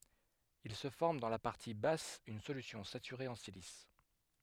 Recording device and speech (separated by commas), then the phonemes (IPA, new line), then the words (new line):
headset microphone, read sentence
il sə fɔʁm dɑ̃ la paʁti bas yn solysjɔ̃ satyʁe ɑ̃ silis
Il se forme dans la partie basse une solution saturée en silice.